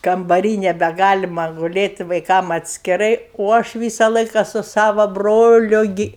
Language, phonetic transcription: Lithuanian, kambaˈry nebeˈgalima guˈlėt' vaiˈkam atskiˈrai o ˈaš ˈvysa ˈlaika su ˈsava ˈbroliu ˈgi

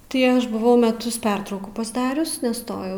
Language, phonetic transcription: Lithuanian, tai ˈaš buˈvau meˈtus ˈpertraukų pasˈdarius neˈstojau

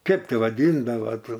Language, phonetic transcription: Lithuanian, ˈkep ˈti vaˈdyndava ˈto

